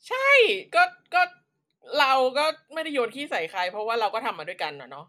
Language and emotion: Thai, frustrated